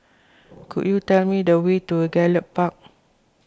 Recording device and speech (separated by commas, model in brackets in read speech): close-talking microphone (WH20), read sentence